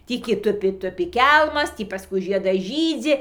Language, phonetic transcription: Lithuanian, ˈtį ki ˈtupi ˈtupi ˈkelmas ˈtį paˈskui ˈžiedas ˈžydzi

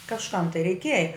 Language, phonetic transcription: Lithuanian, kažˈkam tai reiˈkieja

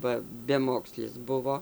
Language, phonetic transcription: Lithuanian, ba beˈmokslis ˈbuvo

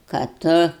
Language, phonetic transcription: Lithuanian, ka ˈtu

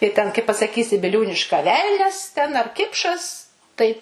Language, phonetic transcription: Lithuanian, tai ten kai pasaˈkysi biˈliūniška ˈvelnias ten ar ˈkipšas tai

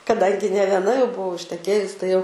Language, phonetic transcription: Lithuanian, kaˈdangi ne vieˈna jau buˈvau išteˈkėjus tai jau

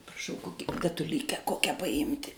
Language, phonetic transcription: Lithuanian, praˈšau ˈkoki datuˈlykę ˈkokia paˈimti

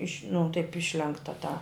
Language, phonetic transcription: Lithuanian, iš' nu taip ˈišlenkta tą

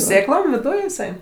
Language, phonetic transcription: Lithuanian, ˈsėklom viˈduj iˈsai

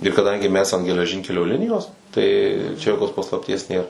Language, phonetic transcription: Lithuanian, ir kaˈdangi mes an geleˈžinkelio ˈlinijos tai čia joˈkos paslapˈties ˈnėr

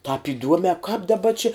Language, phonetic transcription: Lithuanian, tāp iˈduome kāp daˈba či

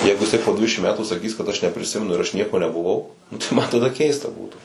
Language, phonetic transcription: Lithuanian, ˈjeigu jiˈsai po ˈdvidešim ˈmetų saˈkys kad aš nepriˈsimenu ir aš ˈnieko nebuˈvau nu tai ˈma taˈda ˈkeista ˈbūtų

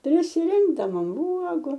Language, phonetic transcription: Lithuanian, prisiˈrinkdavom uogu

